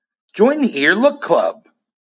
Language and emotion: English, happy